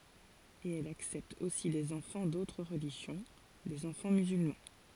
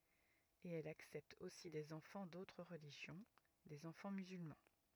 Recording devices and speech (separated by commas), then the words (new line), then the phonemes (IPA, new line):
forehead accelerometer, rigid in-ear microphone, read sentence
Et elles acceptent aussi des enfants d'autres religions, des enfants musulmans.
e ɛlz aksɛptt osi dez ɑ̃fɑ̃ dotʁ ʁəliʒjɔ̃ dez ɑ̃fɑ̃ myzylmɑ̃